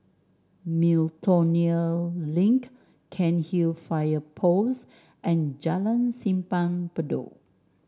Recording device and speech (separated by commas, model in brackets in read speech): standing microphone (AKG C214), read sentence